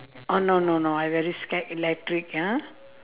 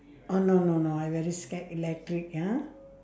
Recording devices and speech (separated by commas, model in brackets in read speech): telephone, standing microphone, conversation in separate rooms